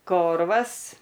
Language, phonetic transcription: Lithuanian, ˈkorvas

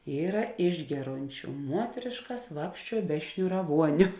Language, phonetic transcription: Lithuanian, ˈyra ˈišgeˌrončiu ˈmuotrėškas ˈvākščiuo be šniuraˈvuoniu

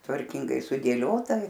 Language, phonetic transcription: Lithuanian, tvarˈkingai sudėˈliota

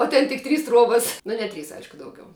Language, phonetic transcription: Lithuanian, o ˈten tik ˈtrys ˈtruobas nu ne ˈtrys ˈaišku ˈdaugiau

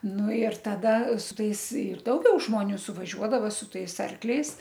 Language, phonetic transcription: Lithuanian, ˈnu ir taˈda su ˈtais ir dauˈgiau žmoˈnių suvaˈžiuodava su ˈtais ˈarkliais

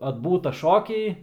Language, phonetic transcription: Lithuanian, atˈbūta ˈšokiai

